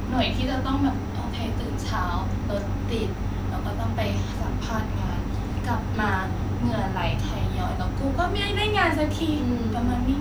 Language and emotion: Thai, frustrated